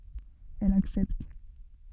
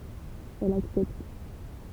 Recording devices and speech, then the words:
soft in-ear microphone, temple vibration pickup, read sentence
Elle accepte.

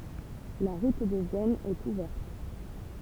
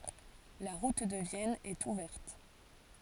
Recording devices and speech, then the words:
temple vibration pickup, forehead accelerometer, read sentence
La route de Vienne est ouverte.

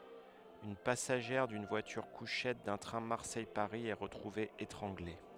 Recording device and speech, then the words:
headset microphone, read sentence
Une passagère d'une voiture-couchettes d’un train Marseille-Paris est retrouvée étranglée.

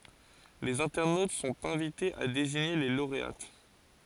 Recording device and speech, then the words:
forehead accelerometer, read sentence
Les internautes sont invités à désigner les lauréates.

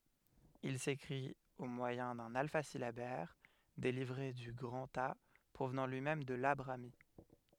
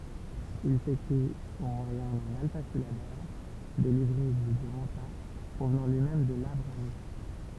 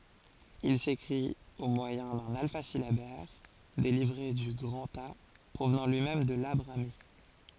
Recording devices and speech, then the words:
headset microphone, temple vibration pickup, forehead accelerometer, read sentence
Il s'écrit au moyen d'un alphasyllabaire dérivé du grantha, provenant lui-même de la brahmi.

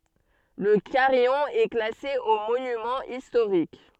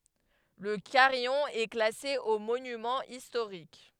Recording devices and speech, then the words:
soft in-ear microphone, headset microphone, read sentence
Le carillon est classé aux monuments historiques.

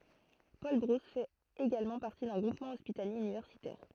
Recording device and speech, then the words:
throat microphone, read sentence
Paul-Brousse fait également partie d'un groupement hospitalier universitaire.

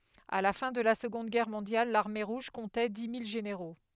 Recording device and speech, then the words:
headset microphone, read sentence
À la fin de la Seconde Guerre mondiale, l'Armée Rouge comptait dix mille généraux.

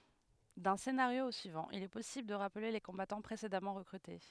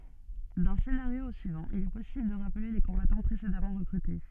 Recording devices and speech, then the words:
headset microphone, soft in-ear microphone, read sentence
D'un scénario au suivant, il est possible de rappeler les combattants précédemment recrutés.

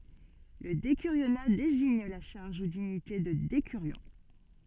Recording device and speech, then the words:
soft in-ear microphone, read sentence
Le décurionat désigne la charge ou dignité de décurion.

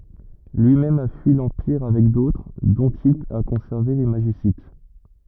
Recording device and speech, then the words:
rigid in-ear microphone, read sentence
Lui-même a fui l’Empire avec d’autres, dont il a conservé les Magicites.

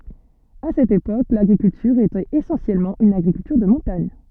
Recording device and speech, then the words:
soft in-ear microphone, read sentence
À cette époque, l'agriculture était essentiellement une agriculture de montagne.

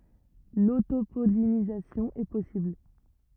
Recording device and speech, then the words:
rigid in-ear microphone, read sentence
L'autopollinisation est possible.

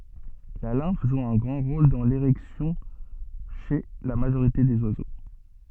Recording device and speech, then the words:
soft in-ear microphone, read sentence
La lymphe joue un grand rôle dans l'érection chez la majorité des oiseaux.

